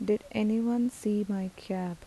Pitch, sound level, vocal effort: 210 Hz, 80 dB SPL, soft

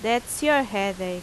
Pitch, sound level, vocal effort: 220 Hz, 86 dB SPL, loud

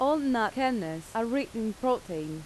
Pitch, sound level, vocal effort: 225 Hz, 87 dB SPL, loud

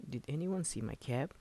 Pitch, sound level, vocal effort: 145 Hz, 77 dB SPL, soft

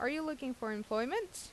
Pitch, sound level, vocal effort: 255 Hz, 84 dB SPL, normal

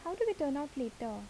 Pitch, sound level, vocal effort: 285 Hz, 77 dB SPL, soft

